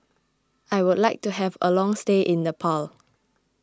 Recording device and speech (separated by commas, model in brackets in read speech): close-talking microphone (WH20), read sentence